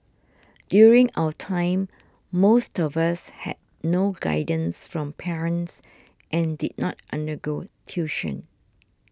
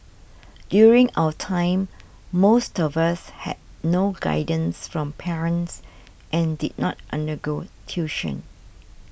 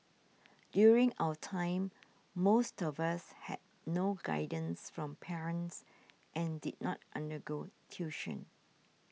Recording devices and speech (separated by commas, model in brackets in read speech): standing microphone (AKG C214), boundary microphone (BM630), mobile phone (iPhone 6), read sentence